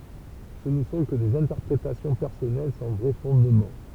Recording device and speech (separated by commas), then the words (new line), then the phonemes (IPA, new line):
temple vibration pickup, read sentence
Ce ne sont que des interprétations personnelles sans vrai fondement.
sə nə sɔ̃ kə dez ɛ̃tɛʁpʁetasjɔ̃ pɛʁsɔnɛl sɑ̃ vʁɛ fɔ̃dmɑ̃